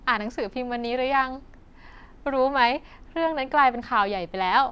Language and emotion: Thai, happy